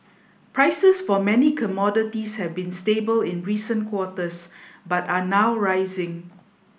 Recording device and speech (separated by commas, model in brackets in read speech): boundary microphone (BM630), read sentence